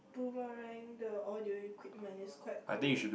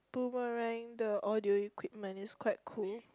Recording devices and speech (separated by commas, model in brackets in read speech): boundary microphone, close-talking microphone, conversation in the same room